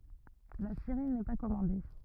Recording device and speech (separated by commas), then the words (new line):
rigid in-ear microphone, read sentence
La série n'est pas commandée.